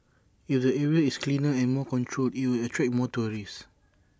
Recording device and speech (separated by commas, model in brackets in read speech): standing microphone (AKG C214), read sentence